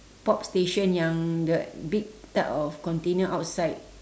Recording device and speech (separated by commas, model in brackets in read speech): standing microphone, conversation in separate rooms